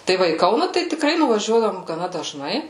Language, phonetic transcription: Lithuanian, tai ˈva į ˈkauna tai tikˈrai nuvaˈžiuodavom gaˈna dažˈnai

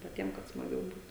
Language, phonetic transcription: Lithuanian, paˈtiem kad smaˈgiau ˈbūt

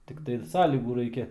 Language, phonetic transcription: Lithuanian, tikˈtai ˈsąlygų ˈraikia

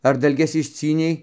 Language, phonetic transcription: Lithuanian, ar dalˈges išˈcynei

